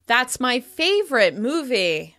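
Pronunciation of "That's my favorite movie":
The sentence stress falls on the word 'favorite'.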